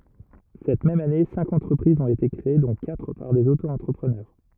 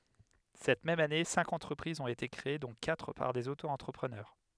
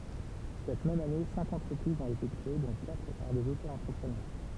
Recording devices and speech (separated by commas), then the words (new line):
rigid in-ear microphone, headset microphone, temple vibration pickup, read sentence
Cette même année, cinq entreprises ont été créées dont quatre par des Auto-entrepreneurs.